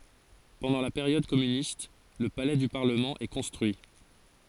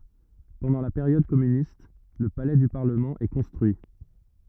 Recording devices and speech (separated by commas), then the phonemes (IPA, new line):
forehead accelerometer, rigid in-ear microphone, read sentence
pɑ̃dɑ̃ la peʁjɔd kɔmynist lə palɛ dy paʁləmɑ̃ ɛ kɔ̃stʁyi